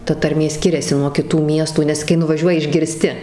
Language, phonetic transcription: Lithuanian, ˈta tarˈmė ˈskiriasi nuo kiˈtų ˈmiestų nes kai nuvaˈžiuoji išgirˈsti

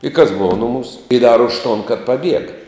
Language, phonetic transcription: Lithuanian, i kas ˈbova nuˈmūs i dar už ton kad paˈbiega

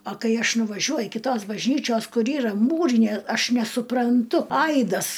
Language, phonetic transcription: Lithuanian, a ˈkai ˈaš nuvaˈžiuoju kiˈtos bažˈnyčios ˈkur ˈyra ˈmūrinė ˈaš nesupranˈtu ˈaidas

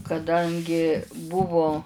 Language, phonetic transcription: Lithuanian, kaˈdangi ˈbuvu

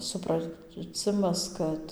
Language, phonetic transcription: Lithuanian, supraˈcimas ˈkad

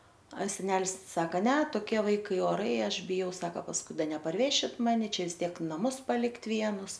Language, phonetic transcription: Lithuanian, a seˈnelis ˈsaka ne toˈkie ˈvaikai oˈrai ˈaš biˈjau ˈsaka pasˈkui ˈda neparˈvešit ˈmani ˈčia vis ˈtiek naˈmus paˈlikt' ˈvienus

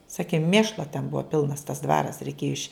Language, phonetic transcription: Lithuanian, ˈsaki ˈmėšlo ten ˈbuo ˈpilnas tas ˈdvaras reiˈkėju iš'

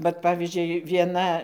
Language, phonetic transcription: Lithuanian, vat ˈpavyzdžiui vieˈna

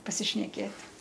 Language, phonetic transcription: Lithuanian, pasišneˈkėt'

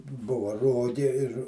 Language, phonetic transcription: Lithuanian, ˈbuva ˈrogė ir

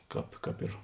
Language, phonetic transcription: Lithuanian, ˈkāp ˈkāp ir

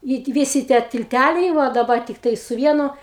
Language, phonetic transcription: Lithuanian, i ti ˈvisi tie tilˈtæliai ˈva daˈba tikˈtai su ˈvienu

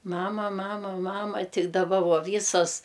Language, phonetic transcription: Lithuanian, ˈmamaˈmama ˈmama ˈti daˈba ˈvo ˈvysos

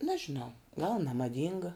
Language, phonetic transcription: Lithuanian, nažiˈnau gal nemaˈdynga

